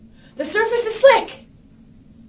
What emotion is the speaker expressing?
fearful